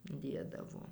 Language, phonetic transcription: Lithuanian, ˈdėdavo

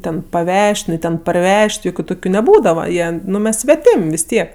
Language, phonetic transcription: Lithuanian, ˈten paˈvež't' ˈnu ˈten parˈvež't' ˈjokiu ˈtokiu neˈbūdava ˈjieˈnu ˈmes sveˈtim' vis ˈtiek

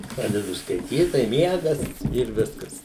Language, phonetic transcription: Lithuanian, ˈpradedu skaiˈtyt tai ˈmiegas ir ˈviskas

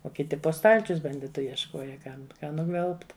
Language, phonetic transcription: Lithuanian, o kiˈti po ˈstalčius banˈditu jiešˈkoja ˈkam ˈką nuˈgvelbt

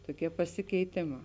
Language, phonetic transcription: Lithuanian, toˈkie pasikeiˈtėˌmā

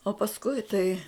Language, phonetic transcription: Lithuanian, o pasˈkui tai

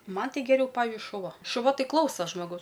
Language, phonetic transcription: Lithuanian, ˈman ˈtai geˈriau ˈpavižiui šuˈva šuˈva ˈtai ˈklausa žmoˈgaus

